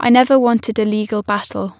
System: none